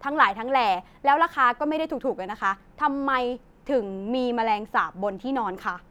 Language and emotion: Thai, frustrated